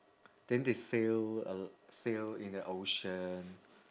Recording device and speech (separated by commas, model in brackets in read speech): standing microphone, conversation in separate rooms